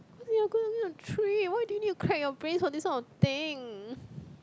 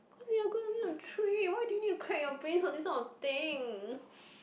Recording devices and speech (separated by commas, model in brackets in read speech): close-talking microphone, boundary microphone, conversation in the same room